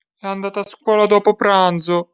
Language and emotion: Italian, sad